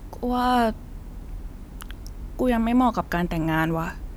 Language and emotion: Thai, frustrated